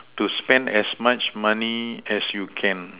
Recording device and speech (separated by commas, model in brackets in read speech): telephone, conversation in separate rooms